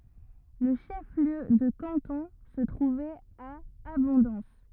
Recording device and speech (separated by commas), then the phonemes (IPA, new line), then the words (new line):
rigid in-ear microphone, read sentence
lə ʃəfliø də kɑ̃tɔ̃ sə tʁuvɛt a abɔ̃dɑ̃s
Le chef-lieu de canton se trouvait à Abondance.